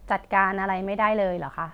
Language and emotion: Thai, frustrated